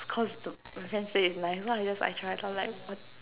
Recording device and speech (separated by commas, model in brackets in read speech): telephone, conversation in separate rooms